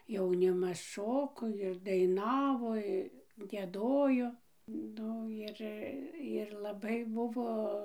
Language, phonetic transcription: Lithuanian, jauˈnimas ˈšoko ir daiˈnavo i gieˈdojo ˈnu ir ir laˈbai ˈbuvo

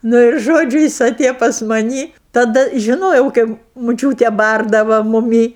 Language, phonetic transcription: Lithuanian, ˈnu ir ˈžodžiu ˈjis aˈtėjo pas maˈnį taˈda žiˈnojau ˈkaip muˈčiūtė ˈbardava muˈmį

